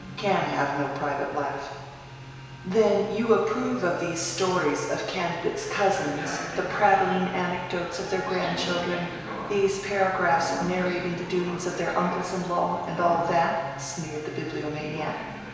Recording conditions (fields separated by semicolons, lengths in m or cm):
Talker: one person; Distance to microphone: 1.7 m; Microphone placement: close; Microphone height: 1.0 m; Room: very reverberant, large; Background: television